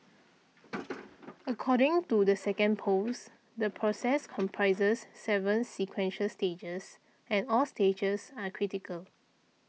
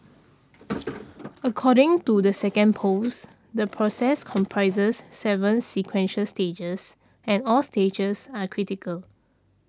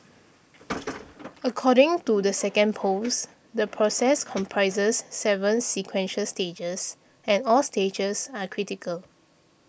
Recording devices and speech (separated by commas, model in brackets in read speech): mobile phone (iPhone 6), standing microphone (AKG C214), boundary microphone (BM630), read sentence